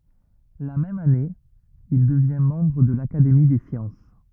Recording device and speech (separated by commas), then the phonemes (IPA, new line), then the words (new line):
rigid in-ear microphone, read sentence
la mɛm ane il dəvjɛ̃ mɑ̃bʁ də lakademi de sjɑ̃s
La même année, il devient membre de l'Académie des sciences.